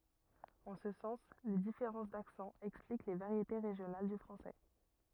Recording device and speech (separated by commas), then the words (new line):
rigid in-ear microphone, read sentence
En ce sens, les différences d'accents expliquent les variétés régionales du français.